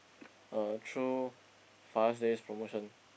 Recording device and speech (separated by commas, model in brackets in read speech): boundary microphone, conversation in the same room